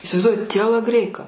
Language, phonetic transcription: Lithuanian, isivaizˈduoji tielaˈgreika

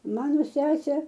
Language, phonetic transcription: Lithuanian, ˈmano ˈsesė

